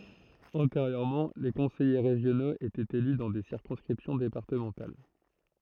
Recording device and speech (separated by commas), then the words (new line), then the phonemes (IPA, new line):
throat microphone, read sentence
Antérieurement, les conseillers régionaux étaient élus dans des circonscriptions départementales.
ɑ̃teʁjøʁmɑ̃ le kɔ̃sɛje ʁeʒjonoz etɛt ely dɑ̃ de siʁkɔ̃skʁipsjɔ̃ depaʁtəmɑ̃tal